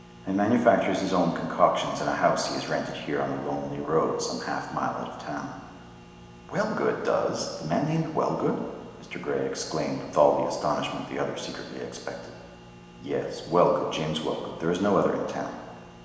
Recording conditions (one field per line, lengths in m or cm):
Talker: one person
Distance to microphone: 1.7 m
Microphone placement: close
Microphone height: 1.0 m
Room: very reverberant, large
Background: none